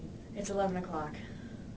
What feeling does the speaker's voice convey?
neutral